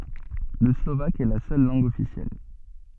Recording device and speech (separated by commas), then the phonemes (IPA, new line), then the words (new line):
soft in-ear microphone, read sentence
lə slovak ɛ la sœl lɑ̃ɡ ɔfisjɛl
Le slovaque est la seule langue officielle.